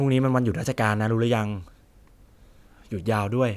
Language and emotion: Thai, neutral